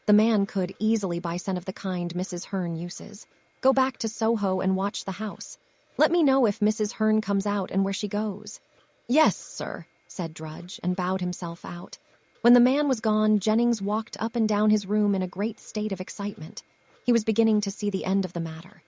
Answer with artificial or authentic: artificial